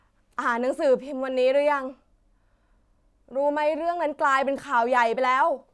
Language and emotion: Thai, frustrated